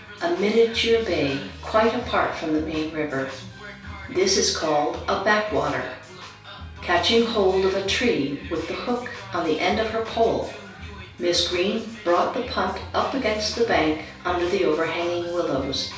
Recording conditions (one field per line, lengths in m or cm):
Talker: one person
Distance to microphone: 3.0 m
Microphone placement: far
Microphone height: 1.8 m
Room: small (3.7 m by 2.7 m)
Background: music